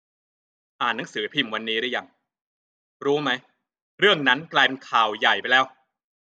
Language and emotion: Thai, frustrated